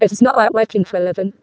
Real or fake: fake